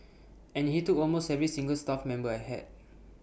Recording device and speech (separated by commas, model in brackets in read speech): boundary microphone (BM630), read sentence